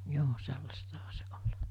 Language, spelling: Finnish, joo sellaistahan se oli
- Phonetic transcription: 'joo 'sellastaha se ('ol̜) .

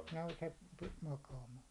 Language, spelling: Finnish, no se pisti makaamaan
- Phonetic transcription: no se , pist 'makaamaa .

